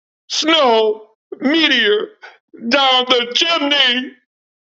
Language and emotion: English, sad